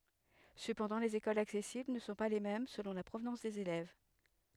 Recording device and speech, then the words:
headset microphone, read sentence
Cependant, les écoles accessibles ne sont pas les mêmes selon la provenance des élèves.

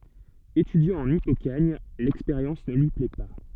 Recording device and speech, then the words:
soft in-ear microphone, read sentence
Étudiant en hypokhâgne, l'expérience ne lui plaît pas.

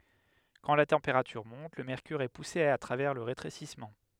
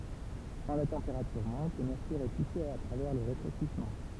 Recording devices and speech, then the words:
headset microphone, temple vibration pickup, read sentence
Quand la température monte, le mercure est poussé à travers le rétrécissement.

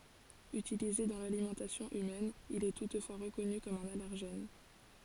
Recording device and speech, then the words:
forehead accelerometer, read sentence
Utilisé dans l'alimentation humaine, il est toutefois reconnu comme un allergène.

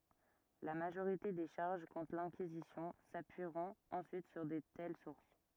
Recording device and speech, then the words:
rigid in-ear microphone, read sentence
La majorité des charges contre l'Inquisition s'appuieront ensuite sur de telles sources.

